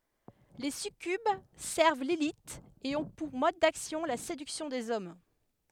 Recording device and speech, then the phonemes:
headset microphone, read sentence
le sykyb sɛʁv lili e ɔ̃ puʁ mɔd daksjɔ̃ la sedyksjɔ̃ dez ɔm

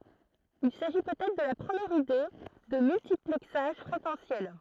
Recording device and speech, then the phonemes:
throat microphone, read sentence
il saʒi pøt ɛtʁ də la pʁəmjɛʁ ide də myltiplɛksaʒ fʁekɑ̃sjɛl

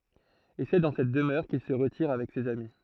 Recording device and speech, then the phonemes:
throat microphone, read sentence
e sɛ dɑ̃ sɛt dəmœʁ kil sə ʁətiʁ avɛk sez ami

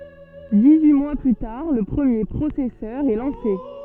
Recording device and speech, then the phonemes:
soft in-ear microphone, read sentence
dis yi mwa ply taʁ lə pʁəmje pʁosɛsœʁ ɛ lɑ̃se

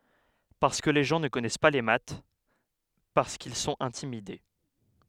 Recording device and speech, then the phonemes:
headset microphone, read sentence
paʁskə le ʒɑ̃ nə kɔnɛs pa le mat paʁskil sɔ̃t ɛ̃timide

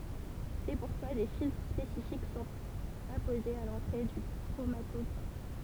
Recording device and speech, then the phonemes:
temple vibration pickup, read sentence
sɛ puʁkwa de filtʁ spesifik sɔ̃t apozez a lɑ̃tʁe dy kʁomatɔɡʁaf

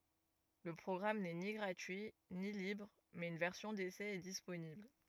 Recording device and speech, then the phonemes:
rigid in-ear microphone, read sentence
lə pʁɔɡʁam nɛ ni ɡʁatyi ni libʁ mɛz yn vɛʁsjɔ̃ desɛ ɛ disponibl

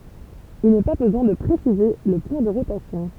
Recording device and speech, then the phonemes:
temple vibration pickup, read sentence
il nɛ pa bəzwɛ̃ də pʁesize lə pwɛ̃ də ʁotasjɔ̃

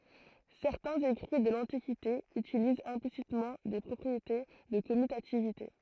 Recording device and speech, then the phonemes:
throat microphone, read sentence
sɛʁtɛ̃z ekʁi də lɑ̃tikite ytilizt ɛ̃plisitmɑ̃ de pʁɔpʁiete də kɔmytativite

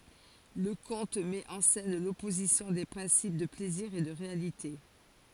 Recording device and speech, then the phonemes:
forehead accelerometer, read sentence
lə kɔ̃t mɛt ɑ̃ sɛn lɔpozisjɔ̃ de pʁɛ̃sip də plɛziʁ e də ʁealite

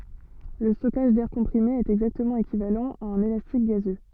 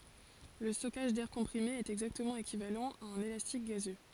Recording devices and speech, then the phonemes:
soft in-ear microphone, forehead accelerometer, read sentence
lə stɔkaʒ dɛʁ kɔ̃pʁime ɛt ɛɡzaktəmɑ̃ ekivalɑ̃ a œ̃n elastik ɡazø

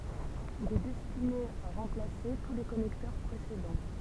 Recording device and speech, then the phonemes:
temple vibration pickup, read sentence
il ɛ dɛstine a ʁɑ̃plase tu le kɔnɛktœʁ pʁesedɑ̃

